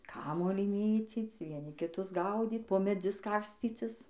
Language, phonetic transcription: Lithuanian, ˈkamuolį ˈmėcyc vieˈni kiˈtus ˈgaudyt po meˈdzius ˈkarscycis

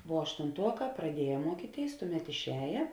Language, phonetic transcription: Lithuanian, vuo aštunˈtuoˌkā praˈdieja ˈmuokyˌtėis ˈtuˌmet išˈēja

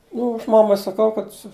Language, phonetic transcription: Lithuanian, ˈnu ˈaš ˈmamai saˈkau kad su

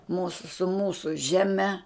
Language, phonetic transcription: Lithuanian, ˈmūsu su ˈmūsu ˈžeˈme

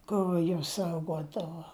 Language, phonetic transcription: Lithuanian, ˈkur juos ˈsaugodavo

